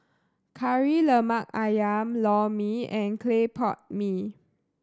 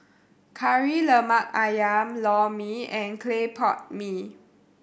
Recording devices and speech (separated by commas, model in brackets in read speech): standing microphone (AKG C214), boundary microphone (BM630), read sentence